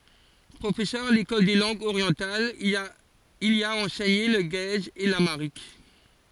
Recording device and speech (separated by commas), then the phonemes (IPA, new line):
forehead accelerometer, read sentence
pʁofɛsœʁ a lekɔl de lɑ̃ɡz oʁjɑ̃talz il i a ɑ̃sɛɲe lə ɡɛz e lamaʁik